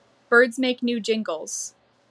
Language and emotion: English, angry